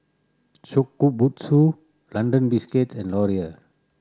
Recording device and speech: standing microphone (AKG C214), read sentence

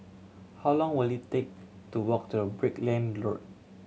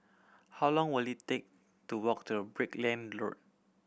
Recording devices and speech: mobile phone (Samsung C7100), boundary microphone (BM630), read sentence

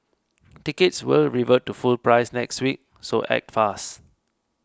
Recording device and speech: close-talking microphone (WH20), read sentence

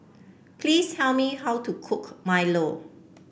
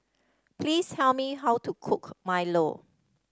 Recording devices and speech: boundary microphone (BM630), standing microphone (AKG C214), read sentence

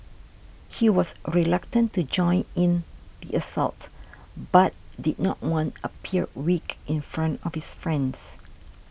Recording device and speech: boundary microphone (BM630), read sentence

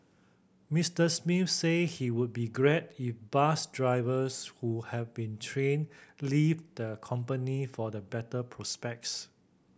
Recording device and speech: boundary microphone (BM630), read sentence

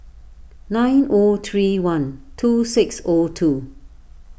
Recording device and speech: boundary microphone (BM630), read sentence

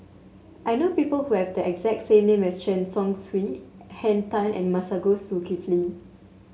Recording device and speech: mobile phone (Samsung S8), read sentence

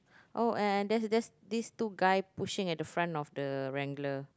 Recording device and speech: close-talking microphone, conversation in the same room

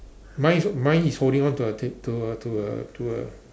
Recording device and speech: standing microphone, conversation in separate rooms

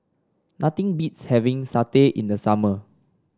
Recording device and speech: standing microphone (AKG C214), read sentence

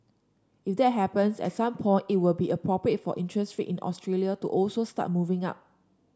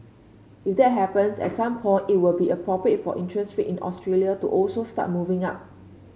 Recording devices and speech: standing microphone (AKG C214), mobile phone (Samsung C5), read sentence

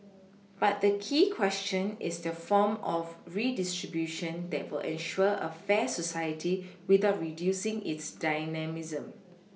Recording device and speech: mobile phone (iPhone 6), read sentence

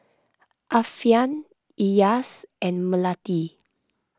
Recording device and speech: close-talking microphone (WH20), read sentence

